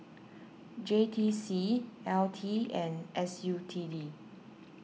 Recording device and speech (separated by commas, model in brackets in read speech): mobile phone (iPhone 6), read sentence